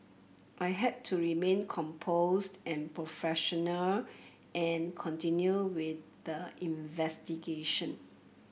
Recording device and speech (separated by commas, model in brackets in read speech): boundary microphone (BM630), read sentence